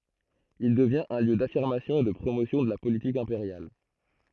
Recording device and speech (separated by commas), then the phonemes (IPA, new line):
throat microphone, read sentence
il dəvjɛ̃t œ̃ ljø dafiʁmasjɔ̃ e də pʁomosjɔ̃ də la politik ɛ̃peʁjal